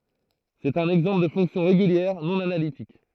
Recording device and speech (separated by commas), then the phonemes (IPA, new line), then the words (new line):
throat microphone, read sentence
sɛt œ̃n ɛɡzɑ̃pl də fɔ̃ksjɔ̃ ʁeɡyljɛʁ nɔ̃ analitik
C'est un exemple de fonction régulière non analytique.